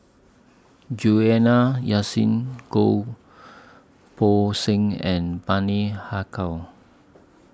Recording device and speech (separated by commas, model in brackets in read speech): standing microphone (AKG C214), read sentence